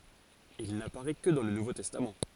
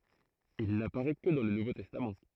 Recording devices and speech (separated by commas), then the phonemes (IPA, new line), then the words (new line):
forehead accelerometer, throat microphone, read sentence
il napaʁɛ kə dɑ̃ lə nuvo tɛstam
Il n'apparaît que dans le Nouveau Testament.